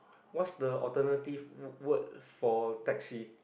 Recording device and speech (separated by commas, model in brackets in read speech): boundary microphone, conversation in the same room